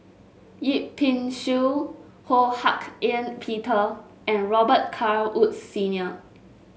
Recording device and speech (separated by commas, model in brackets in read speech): mobile phone (Samsung S8), read sentence